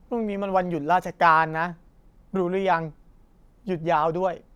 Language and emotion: Thai, frustrated